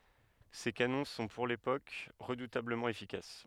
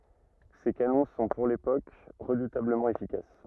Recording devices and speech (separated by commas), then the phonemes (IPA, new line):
headset microphone, rigid in-ear microphone, read sentence
se kanɔ̃ sɔ̃ puʁ lepok ʁədutabləmɑ̃ efikas